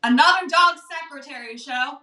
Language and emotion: English, neutral